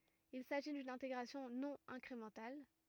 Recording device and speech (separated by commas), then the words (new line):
rigid in-ear microphone, read sentence
Il s’agit d'une intégration non incrémentale.